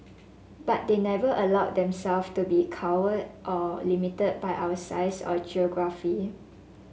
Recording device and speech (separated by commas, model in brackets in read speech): mobile phone (Samsung S8), read sentence